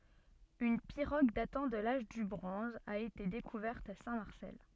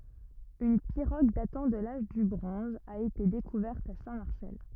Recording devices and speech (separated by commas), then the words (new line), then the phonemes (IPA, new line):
soft in-ear microphone, rigid in-ear microphone, read sentence
Une pirogue datant de l'âge du bronze a été découverte à Saint-Marcel.
yn piʁoɡ datɑ̃ də laʒ dy bʁɔ̃z a ete dekuvɛʁt a sɛ̃tmaʁsɛl